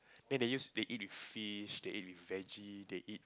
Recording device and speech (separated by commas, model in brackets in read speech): close-talking microphone, conversation in the same room